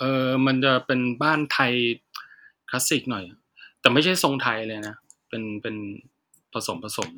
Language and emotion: Thai, neutral